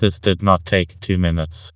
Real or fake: fake